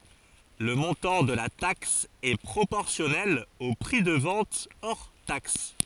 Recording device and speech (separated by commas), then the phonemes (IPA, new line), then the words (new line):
forehead accelerometer, read sentence
lə mɔ̃tɑ̃ də la taks ɛ pʁopɔʁsjɔnɛl o pʁi də vɑ̃t ɔʁ taks
Le montant de la taxe est proportionnel au prix de vente hors taxe.